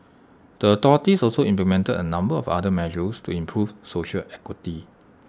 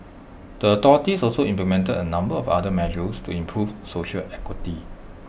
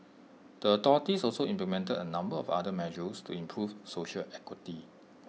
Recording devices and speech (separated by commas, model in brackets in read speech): standing microphone (AKG C214), boundary microphone (BM630), mobile phone (iPhone 6), read sentence